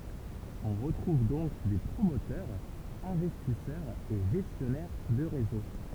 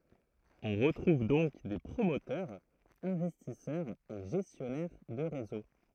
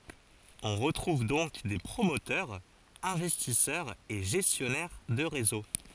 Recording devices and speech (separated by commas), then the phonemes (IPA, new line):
temple vibration pickup, throat microphone, forehead accelerometer, read sentence
ɔ̃ ʁətʁuv dɔ̃k de pʁomotœʁz ɛ̃vɛstisœʁz e ʒɛstjɔnɛʁ də ʁezo